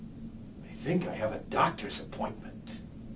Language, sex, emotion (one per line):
English
male
neutral